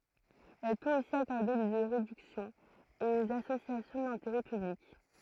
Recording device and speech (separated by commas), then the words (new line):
throat microphone, read sentence
Elle peut aussi accorder des réductions aux associations d'intérêt public.